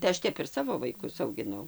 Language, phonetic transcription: Lithuanian, tai ˈaš ˈtep ir ˈsavo vaiˈkus augiˈnau

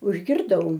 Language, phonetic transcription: Lithuanian, užgirˈdau

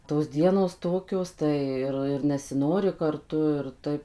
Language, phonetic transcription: Lithuanian, tos ˈdienos ˈtokios ˈtai ir ir nesiˈnori karˈtu ir ˈtaip

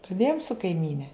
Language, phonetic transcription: Lithuanian, praˈdėjom su kaiˈmyne

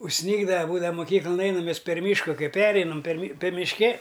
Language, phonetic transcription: Lithuanian, užˈsnygdava ˈbūdava muˈkyklan ˈeinam ˈmes per ˈmyšku ˈkai ˈpereinam per mi per mišˈke

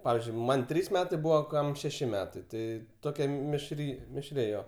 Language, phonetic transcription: Lithuanian, ˈpavyzdžiui ˈman' ˈtrys ˈmetai ˈbūva ˈkam šeˈši ˈmetai ˈtai ˈtokia mišˈry mišˈri ˈjo

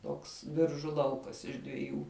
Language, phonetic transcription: Lithuanian, ˈtoks ˈbiržu ˈlaukas iš dviˈjų

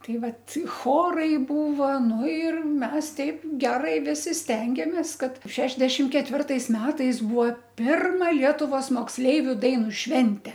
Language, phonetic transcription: Lithuanian, ˈtai ˈvat ˈchorai ˈbūva ˈnu ir ˈmes ˈteip ˈgerai ˈvisi ˈstengėmės ˈkad ˈšešdešim ketˈvirtais ˈmetais ˈbūvo ˈpirma ˈlietuvos moksˈleiviu ˈdainu ˈšvente

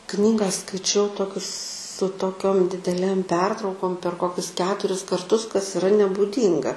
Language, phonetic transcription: Lithuanian, ˈknyga skaiˈčiau ˈtokius su toˈkiom dideˈlėm ˈpertraukom per ˈkokius ˈketuris karˈtus kas iˈra nebūˈdynga

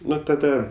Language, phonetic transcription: Lithuanian, ˈnu taˈda

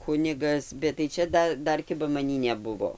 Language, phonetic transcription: Lithuanian, ˈkunigas bet tai ˈčia ˈda ˈdar ˈkiba maˈnį neˈbuvo

